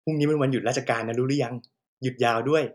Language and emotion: Thai, happy